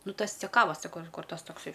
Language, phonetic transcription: Lithuanian, ˈnu ˈtas ceˈkavas saˈkau ir ˈkuor ˈtas tokˈsai

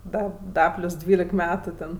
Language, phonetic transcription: Lithuanian, ˈda ˈda ˈplius ˈdvylek ˈmetu ten

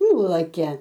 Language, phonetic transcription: Lithuanian, ˈnulakia

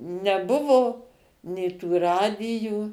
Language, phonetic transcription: Lithuanian, neˈbuvo nė ˈtų ˈradijų

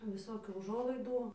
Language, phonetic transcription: Lithuanian, viˈsokių uˈžuolaidų

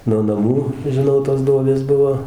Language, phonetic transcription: Lithuanian, no naˈmų žiˈnau tos ˈduobės ˈbuvo

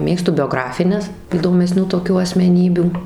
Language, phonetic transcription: Lithuanian, ˈmėgstu bioˈgrafines įdomeˈsnių toˈkių asmeˈnybių

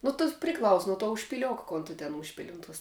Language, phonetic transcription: Lithuanian, nu tos priˈklaus nu tuo užpiˈliok ˈkon tu ten ˈužpili ˈun ˌtos

